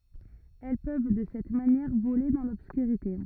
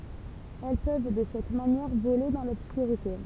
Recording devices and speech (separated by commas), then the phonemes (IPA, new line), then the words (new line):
rigid in-ear microphone, temple vibration pickup, read sentence
ɛl pøv də sɛt manjɛʁ vole dɑ̃ lɔbskyʁite
Elles peuvent, de cette manière, voler dans l'obscurité.